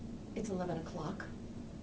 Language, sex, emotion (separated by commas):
English, female, neutral